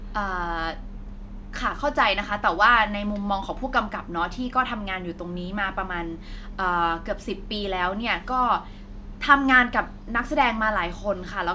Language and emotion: Thai, frustrated